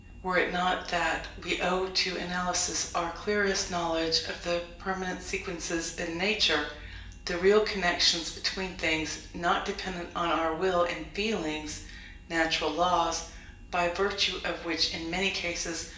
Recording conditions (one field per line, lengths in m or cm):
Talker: one person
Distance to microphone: 1.8 m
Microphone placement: close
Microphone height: 1.0 m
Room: large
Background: none